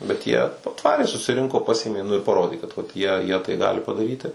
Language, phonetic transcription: Lithuanian, bet ˈjie aˈtvarė susiˈrinko ˈpasėmė nu ir paˈrodė kad vat ˈjie jie tai ˈgali padaˈryti

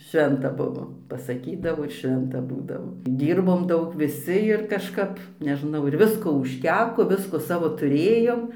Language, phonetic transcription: Lithuanian, ˈšventa ˈbuvo pasaˈkydavo ir ˈšventa ˈbūdavo ˈdyrbom ˈdaug viˈsi ir kažˈkap neˈžnau ir ˈvisko užˈteko ˈvisko ˈsavo tuˈrėjom

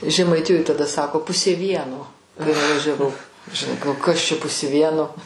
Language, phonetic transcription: Lithuanian, žemaiˈtijoj taˈda ˈsako ˈpusė ˈvieno kai nuvažiaˈvau žiˈnai gal ˈkas čia ˈpusė ˈvieno

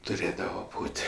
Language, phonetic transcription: Lithuanian, tuˈrėdava ˈbūt'

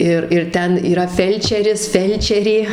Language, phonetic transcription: Lithuanian, ˈir ir ˈten yˈra ˈfelčeris ˈfelčerė

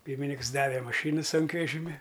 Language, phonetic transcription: Lithuanian, ˈpyrminiks ˈdave maˈšynu ˈsunkvežimi

